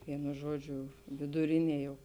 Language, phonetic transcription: Lithuanian, ˈvienu ˈžuoˌdžiu viduˈrinie jau

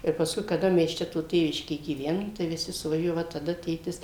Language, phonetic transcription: Lithuanian, tai pasˈkui kaˈda mes ˈčia to ˈtėviškė gyˈvenom tai viˈsi suvaˈžiuoja va taˈda ˈtėtis

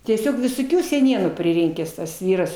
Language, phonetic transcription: Lithuanian, tieˈsiog visoˈkių seˈnienų priˈrinkęs tas ˈvyras

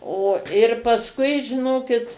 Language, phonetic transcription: Lithuanian, o ir pasˈkui žiˈnokit

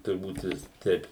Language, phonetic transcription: Lithuanian, turˈbūt ˈvis ˈteip

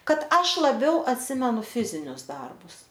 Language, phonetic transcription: Lithuanian, ˈkad ˈaš laˈbiau atˈsimenu ˈfizinius ˈdarbus

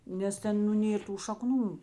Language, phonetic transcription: Lithuanian, nes ˈten nu ˈnėr tų šaˈknų

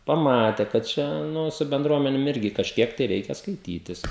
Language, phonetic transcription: Lithuanian, paˈmate kad ˈčia ˈnu su benˈdruomenėm ˈirgi kažˈkiek tai ˈreikia skaiˈtytis

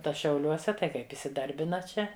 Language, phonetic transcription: Lithuanian, ˈta šiauˈliuose tai ˈkaip isiˈdarbina ˈčia

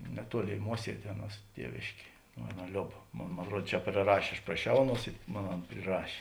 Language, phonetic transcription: Lithuanian, neˈtuoˌlėi ˈmuosiedė ˈaˌnuos ˈtievėškė ˈaˌna ˈliob ˈmon mon atˈruod čia priˈrašė aš praˈšiau ˈaˌnuos i ˈmon ˈan priˈrašė

